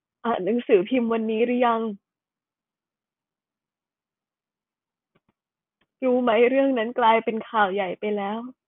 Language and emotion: Thai, sad